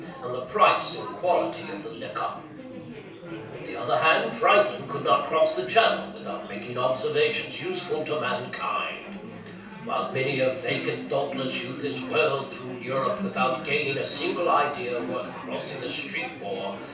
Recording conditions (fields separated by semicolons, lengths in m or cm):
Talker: one person; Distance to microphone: 3.0 m; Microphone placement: far; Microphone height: 1.8 m; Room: small (3.7 m by 2.7 m); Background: babble